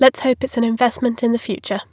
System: none